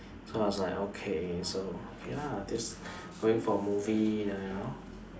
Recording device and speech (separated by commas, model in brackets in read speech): standing microphone, conversation in separate rooms